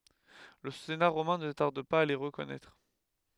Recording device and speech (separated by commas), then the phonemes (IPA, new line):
headset microphone, read sentence
lə sena ʁomɛ̃ nə taʁd paz a le ʁəkɔnɛtʁ